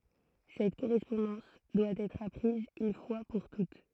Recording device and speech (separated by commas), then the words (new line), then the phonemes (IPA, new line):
throat microphone, read sentence
Cette correspondance doit être apprise une fois pour toutes.
sɛt koʁɛspɔ̃dɑ̃s dwa ɛtʁ apʁiz yn fwa puʁ tut